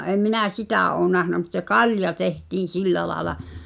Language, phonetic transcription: Finnish, '’èm̆ 'minä̀ "sitä̀ ’oo nähnä mut se "kalja tehtiin̬ 'sillä laaᵉla .
- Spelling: en minä sitä ole nähnyt mutta se kalja tehtiin sillä lailla

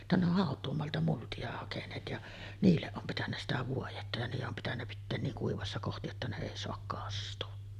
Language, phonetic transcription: Finnish, [jot]ta ne ‿oh 'hàot̀uumoalta multi₍a hakeǹeet ja , 'niilleˀ ˀom pitännä sitä 'vuojetta ja niije’ ’om pitännä pitteen 'niiŋ 'kuivassa kohti jotta ne 'èi soak "kastu₍a .
- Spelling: jotta ne on hautuumaalta multia hakeneet ja niille on pitänyt sitä vuodetta ja niiden on pitänyt pitää niin kuivassa kohti jotta ne ei saa kastua

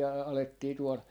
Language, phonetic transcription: Finnish, a- , 'alettii tuol , .
- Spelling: - alettiin tuolla

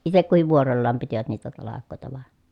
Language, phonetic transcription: Finnish, itek kuhiv vuorollaam pitivät niitä talak̆kòeta vàe .
- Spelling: itse kukin vuorollaan pitivät niitä talkoita vain

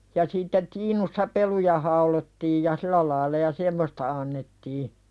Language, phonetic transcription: Finnish, ja sitte 'tiinussa "peluja haulottiij ja "silä laila ja "semmosta annettii .
- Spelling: ja sitten tiinussa peluja haudottiin ja sillä lailla ja semmoista annettiin

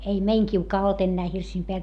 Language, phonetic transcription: Finnish, ei , ei meiŋ kiukaa olt ennää hirsiim peäl .
- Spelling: ei ei meidän kiuas ollut enää hirsien päällä

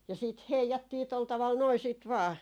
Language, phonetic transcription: Finnish, ja 'siit "heijattii tol taval 'noi siit 'vaa .
- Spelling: ja sitten heijattiin tuolla tavalla noin sitten vain

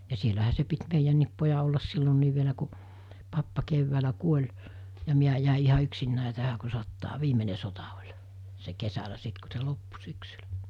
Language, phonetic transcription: Finnish, ja 'sielähä se pit 'meijänniip poja ollas sillonniiv vielä ku , 'pappa 'keʸvväälä 'kuoĺ , ja 'miä jä̀e iha yksinnä̀e tähä ku 'sottaa 'viimene sota ol̜ , se 'kesälä sit ku̬ se 'loppu 'syksylᴀ̈ .
- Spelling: ja siellähän se piti meidänkin pojan olla silloinkin vielä kun pappa keväällä kuoli ja minä jäin ihan yksinäni tähän kun sotaa viimeinen sota oli se kesällä sitten kun se loppui syksyllä

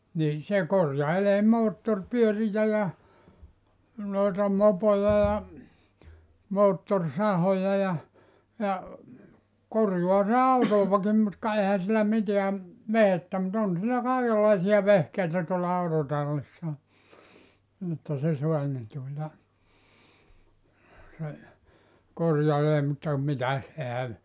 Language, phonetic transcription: Finnish, nin̬ 'se 'korjailee "moottor'pyörijä ja , noeta 'mopoja ja , 'moottor"sahoja ja , ja , 'korjua se "autòvakim mut ka 'ehä sillä 'miteä , "vehettä mu't ‿on sillä 'kàikellaisia 'vehkeitä tuolla 'autotallissa , että se 'soa ne (tuota) , se , 'korjalee mutta , 'mitäs 'ehän ,.
- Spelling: niin se korjailee moottoripyöriä ja noita mopoja ja moottorisahoja ja ja korjaa se autoakin mutta ka eihän sillä mitään vehjettä mutta on sillä kaikenlaisia vehkeitä tuolla autotallissa että se saa ne tuota se korjailee mutta mitäs eihän

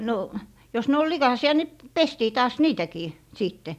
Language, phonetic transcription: Finnish, no , jos ne ol "likàsi₍a ni , p - 'pestii taas 'niitäkii , 'sìtte .
- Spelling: no jos ne oli likaisia niin - pestiin taas niitäkin sitten

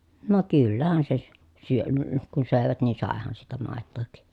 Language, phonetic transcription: Finnish, no kyllähän se sʸ- , syön- ə kun sö̀evät nii sàehan siitä màettòhik .
- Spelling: no kyllähän se - - - kun söivät niin saihan siitä maitoakin

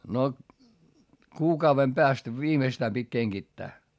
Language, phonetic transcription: Finnish, no , kuukauvem peäst viimeⁱstää pit́ keŋGittää .
- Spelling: no kuukauden päästä viimeistään piti kengittää

